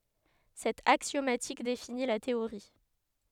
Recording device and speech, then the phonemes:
headset microphone, read sentence
sɛt aksjomatik defini la teoʁi

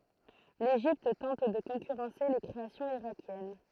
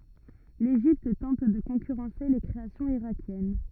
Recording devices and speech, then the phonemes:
throat microphone, rigid in-ear microphone, read sentence
leʒipt tɑ̃t də kɔ̃kyʁɑ̃se le kʁeasjɔ̃z iʁakjɛn

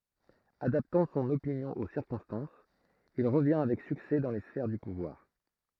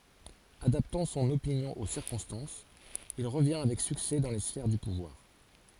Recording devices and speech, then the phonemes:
throat microphone, forehead accelerometer, read sentence
adaptɑ̃ sɔ̃n opinjɔ̃ o siʁkɔ̃stɑ̃sz il ʁəvjɛ̃ avɛk syksɛ dɑ̃ le sfɛʁ dy puvwaʁ

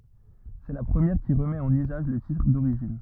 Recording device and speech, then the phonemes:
rigid in-ear microphone, read sentence
sɛ la pʁəmjɛʁ ki ʁəmɛt ɑ̃n yzaʒ lə titʁ doʁiʒin

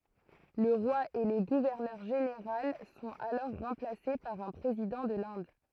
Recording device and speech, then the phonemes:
throat microphone, read sentence
lə ʁwa e lə ɡuvɛʁnœʁ ʒeneʁal sɔ̃t alɔʁ ʁɑ̃plase paʁ œ̃ pʁezidɑ̃ də lɛ̃d

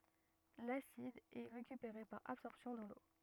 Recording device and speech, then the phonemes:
rigid in-ear microphone, read sentence
lasid ɛ ʁekypeʁe paʁ absɔʁpsjɔ̃ dɑ̃ lo

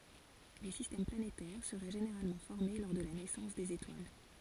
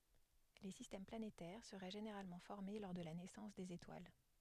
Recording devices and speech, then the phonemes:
forehead accelerometer, headset microphone, read sentence
le sistɛm planetɛʁ səʁɛ ʒeneʁalmɑ̃ fɔʁme lɔʁ də la nɛsɑ̃s dez etwal

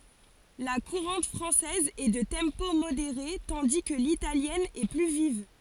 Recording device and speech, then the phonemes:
forehead accelerometer, read sentence
la kuʁɑ̃t fʁɑ̃sɛz ɛ də tɑ̃po modeʁe tɑ̃di kə litaljɛn ɛ ply viv

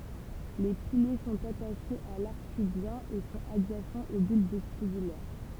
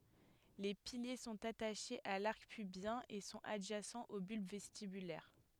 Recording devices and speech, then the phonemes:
temple vibration pickup, headset microphone, read sentence
le pilje sɔ̃t ataʃez a laʁk pybjɛ̃ e sɔ̃t adʒasɑ̃z o bylb vɛstibylɛʁ

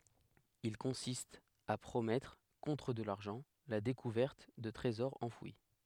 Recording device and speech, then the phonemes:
headset microphone, read sentence
il kɔ̃sist a pʁomɛtʁ kɔ̃tʁ də laʁʒɑ̃ la dekuvɛʁt də tʁezɔʁz ɑ̃fwi

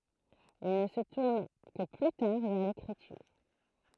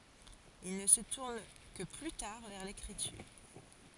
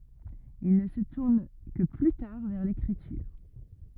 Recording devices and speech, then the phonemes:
throat microphone, forehead accelerometer, rigid in-ear microphone, read sentence
il nə sə tuʁn kə ply taʁ vɛʁ lekʁityʁ

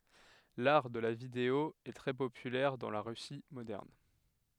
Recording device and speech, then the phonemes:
headset microphone, read sentence
laʁ də la video ɛ tʁɛ popylɛʁ dɑ̃ la ʁysi modɛʁn

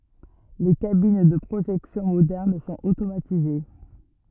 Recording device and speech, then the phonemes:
rigid in-ear microphone, read sentence
le kabin də pʁoʒɛksjɔ̃ modɛʁn sɔ̃t otomatize

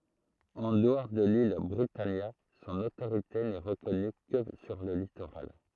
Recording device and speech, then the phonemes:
throat microphone, read sentence
ɑ̃ dəɔʁ də lil bʁitanja sɔ̃n otoʁite nɛ ʁəkɔny kə syʁ lə litoʁal

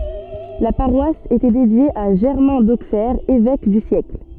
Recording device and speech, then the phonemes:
soft in-ear microphone, read sentence
la paʁwas etɛ dedje a ʒɛʁmɛ̃ doksɛʁ evɛk dy sjɛkl

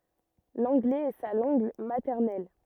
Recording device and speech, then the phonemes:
rigid in-ear microphone, read sentence
lɑ̃ɡlɛz ɛ sa lɑ̃ɡ matɛʁnɛl

